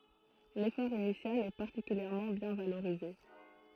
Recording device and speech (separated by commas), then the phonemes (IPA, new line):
throat microphone, read sentence
lefɔʁ inisjal ɛ paʁtikyljɛʁmɑ̃ bjɛ̃ valoʁize